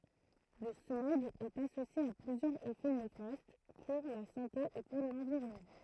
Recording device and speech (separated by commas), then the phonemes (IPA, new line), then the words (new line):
throat microphone, read sentence
lə smɔɡ ɛt asosje a plyzjœʁz efɛ nefast puʁ la sɑ̃te e puʁ lɑ̃viʁɔnmɑ̃
Le smog est associé à plusieurs effets néfastes pour la santé et pour l'environnement.